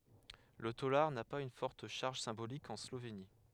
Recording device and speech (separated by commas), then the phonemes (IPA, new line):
headset microphone, read sentence
lə tolaʁ na paz yn fɔʁt ʃaʁʒ sɛ̃bolik ɑ̃ sloveni